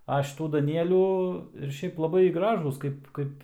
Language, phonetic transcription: Lithuanian, a šiˈtų daˈnielių ir ˈšiaip laˈbai ˈgražūs ˈkaip ˈkaip

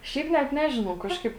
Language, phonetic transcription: Lithuanian, ˈšiaip net ˈnežinau ˈkažkaip

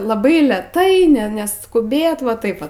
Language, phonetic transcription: Lithuanian, laˈbai leˈtai ˈne neskuˈbėt va ˈtaip va

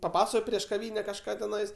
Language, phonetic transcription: Lithuanian, paˈpaso prieš kaˈvyne kažˈką teˈnais

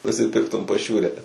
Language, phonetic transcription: Lithuanian, nusiˈpirktum paˈšiūre

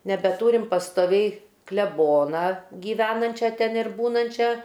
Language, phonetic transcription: Lithuanian, nebeˈtūrim pastoˈviai kleˈbona gyˈvenančia ten ir ˈbūnančia

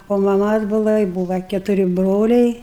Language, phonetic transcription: Lithuanian, o maˈmas ˈbūva i ˈbūva ketuˈri ˈbroliai

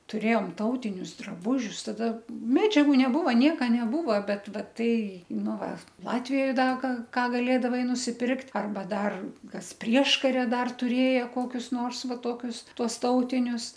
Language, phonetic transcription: Lithuanian, tuˈrėjom ˈtautinius draˈbūžius ˈtada ˈmedžiagu neˈbūva ˈnieka neˈbūva ˈbet ˈva ˈtai ˈnu ˈva ˈlatvijoj ˈda ga ˈką gaˈlėdavai nusiˈpirkt' arˈba ˈdar ˈkas ˈprieškaria ˈdar tuˈrėja ˈkokius nors ˈva ˈtokius ˈtuos ˈtautinius

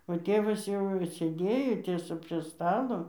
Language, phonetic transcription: Lithuanian, o ˈtėvas jau sėˈdėjo ˈtiesa prie ˈstalo

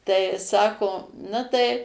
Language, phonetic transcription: Lithuanian, tai ˈsako ˈna tai

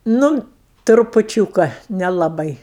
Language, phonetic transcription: Lithuanian, ˈnu trupuˈčiūka nelaˈbai

